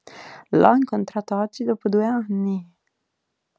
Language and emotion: Italian, surprised